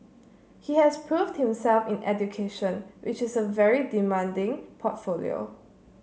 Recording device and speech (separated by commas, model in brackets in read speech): mobile phone (Samsung C7), read sentence